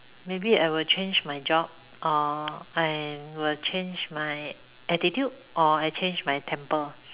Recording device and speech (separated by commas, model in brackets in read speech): telephone, conversation in separate rooms